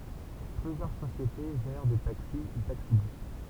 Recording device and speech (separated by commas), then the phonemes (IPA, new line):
temple vibration pickup, read sentence
plyzjœʁ sosjete ʒɛʁ de taksi e taksibys